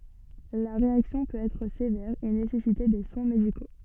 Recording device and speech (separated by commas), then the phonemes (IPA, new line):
soft in-ear microphone, read sentence
la ʁeaksjɔ̃ pøt ɛtʁ sevɛʁ e nesɛsite de swɛ̃ mediko